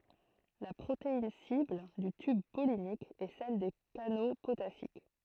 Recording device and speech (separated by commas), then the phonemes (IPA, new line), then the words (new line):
throat microphone, read sentence
la pʁotein sibl dy tyb pɔlinik ɛ sɛl de kano potasik
La protéine cible du tube pollinique est celle des canaux potassiques.